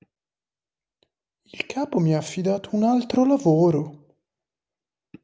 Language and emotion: Italian, surprised